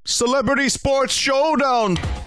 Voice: eccentric voice